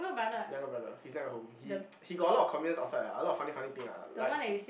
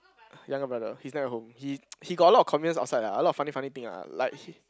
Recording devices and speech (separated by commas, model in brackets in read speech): boundary microphone, close-talking microphone, conversation in the same room